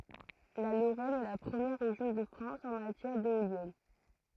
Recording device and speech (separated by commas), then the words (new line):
throat microphone, read sentence
La Lorraine est la première région de France en matière d'éoliennes.